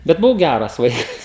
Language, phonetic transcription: Lithuanian, bet buˈvau ˈgæras ˈvaikas

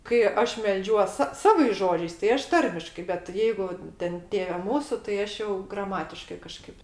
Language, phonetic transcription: Lithuanian, kai ˈaš melˈdžiuos sa ˈsavais ˈžodžiais tai ˈaš ˈtarmiškai bet ˈjeigu ˈten ˈtėve ˈmūsu tai ˈaš jau graˈmatiškai kaˈžkaip

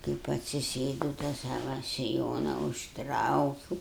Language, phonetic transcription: Lithuanian, kaip atsiˈsėdau tą ˈsava siˈjona užˈtraukiūu

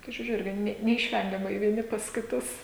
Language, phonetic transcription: Lithuanian, kai žiuˈriu ˈirgi ˈne neišˈvengiamai vieˈni pas kiˈtus

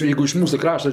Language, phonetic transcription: Lithuanian, ˈjeigu iš ˈmūsu ˈkrašta

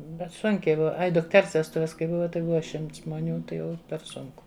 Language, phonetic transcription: Lithuanian, bet ˈsunkiai ˈbuva ˈai dukˈters vesˈtuves kai ˈbuva tai ˈbuva ˈšimts žmoˈnių ˈtai ˈjau per ˈsunku

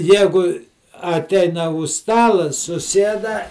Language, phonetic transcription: Lithuanian, ˈjegu aˈteina už ˈstala suˈsieda

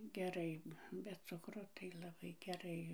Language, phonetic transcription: Lithuanian, geˈrai be ˈcukro tai laˈbai geˈrai

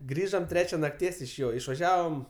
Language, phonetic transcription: Lithuanian, ˈgrįžom ˈtrečia nakˈties iš ˈjo išvaˈžiavom

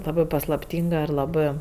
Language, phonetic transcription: Lithuanian, ˈlabɜ paslapˈtynga ir laˈbɜ

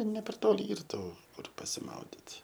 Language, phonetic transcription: Lithuanian, ne per ˈtoli ˈyr ˈtų ˈkur pasiˈmaudit

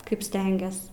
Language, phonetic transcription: Lithuanian, ˈkaip ˈstengias

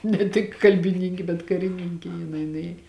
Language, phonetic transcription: Lithuanian, ne ˈtik kalbiˈnynki bet kariˈnynki jiˈnai nuˈėj

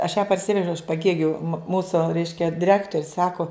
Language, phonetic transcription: Lithuanian, aš ją parˈsivežiau iš paˈgėgiu ˈmūsu ˈreiškia diˈrektorius ˈsaku

